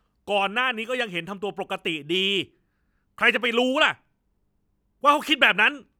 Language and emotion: Thai, angry